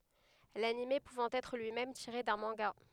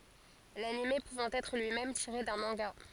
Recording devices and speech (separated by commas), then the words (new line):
headset microphone, forehead accelerometer, read sentence
L'anime pouvant être lui-même tiré d'un manga.